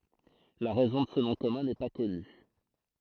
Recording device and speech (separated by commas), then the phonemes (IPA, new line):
throat microphone, read sentence
la ʁɛzɔ̃ də sə nɔ̃ kɔmœ̃ nɛ pa kɔny